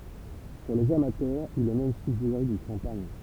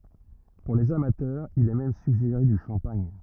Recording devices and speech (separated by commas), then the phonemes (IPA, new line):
temple vibration pickup, rigid in-ear microphone, read sentence
puʁ lez amatœʁz il ɛ mɛm syɡʒeʁe dy ʃɑ̃paɲ